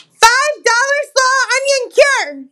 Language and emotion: English, disgusted